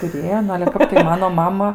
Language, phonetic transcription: Lithuanian, tuˈrėjo ˈnu ale ˈkap tai ˈmano ˈmama

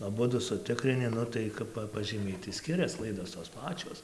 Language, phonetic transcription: Lithuanian, aˈbudu suˈtikrini ˈnu tai ˈkap pažyˈmiai tai ˈskirias ˈklaidos tos ˈpačios

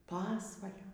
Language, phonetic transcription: Lithuanian, ˈpasvalio

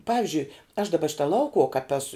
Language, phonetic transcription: Lithuanian, ˈpavižiui aš daˈba ˈšita ˈlaukuuo kap ˈesu

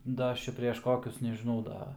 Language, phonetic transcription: Lithuanian, ˈda ˈaš ˈčia preš ˈkokius nežiˈnau ˈda

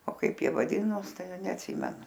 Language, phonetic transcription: Lithuanian, o ˈkaip ˈjie vaˈdinos ˈtai neatˈsimenu

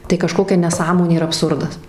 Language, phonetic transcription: Lithuanian, tai kaˈžkokia neˈsąmonė ir abˈsurdas

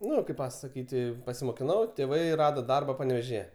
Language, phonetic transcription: Lithuanian, ˈnu kaip pasaˈkyt' pasimokiˈnau tėˈvai ˈrado ˈdarba panevėžiˈje

